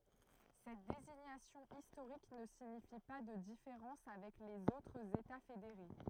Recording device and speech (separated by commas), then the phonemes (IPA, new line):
throat microphone, read sentence
sɛt deziɲasjɔ̃ istoʁik nə siɲifi pa də difeʁɑ̃s avɛk lez otʁz eta fedeʁe